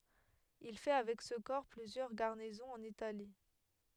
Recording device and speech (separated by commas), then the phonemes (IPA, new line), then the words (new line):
headset microphone, read sentence
il fɛ avɛk sə kɔʁ plyzjœʁ ɡaʁnizɔ̃z ɑ̃n itali
Il fait avec ce corps plusieurs garnisons en Italie.